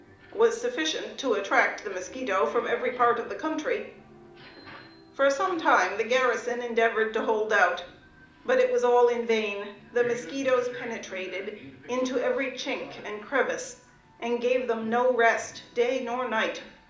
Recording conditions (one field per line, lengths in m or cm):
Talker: one person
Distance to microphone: 2.0 m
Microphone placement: close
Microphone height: 99 cm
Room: medium-sized (5.7 m by 4.0 m)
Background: television